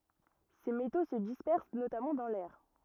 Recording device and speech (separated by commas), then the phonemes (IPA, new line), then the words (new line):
rigid in-ear microphone, read sentence
se meto sə dispɛʁs notamɑ̃ dɑ̃ lɛʁ
Ces métaux se dispersent notamment dans l'air.